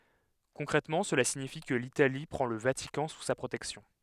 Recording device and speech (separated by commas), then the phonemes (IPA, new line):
headset microphone, read sentence
kɔ̃kʁɛtmɑ̃ səla siɲifi kə litali pʁɑ̃ lə vatikɑ̃ su sa pʁotɛksjɔ̃